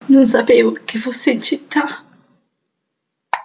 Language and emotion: Italian, sad